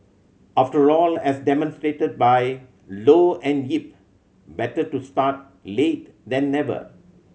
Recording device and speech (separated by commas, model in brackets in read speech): mobile phone (Samsung C7100), read sentence